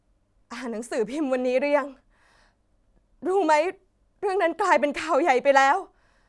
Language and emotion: Thai, sad